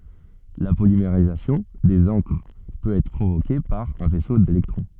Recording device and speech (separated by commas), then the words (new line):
soft in-ear microphone, read sentence
La polymérisation des encres peut être provoquée par un faisceau d'électrons.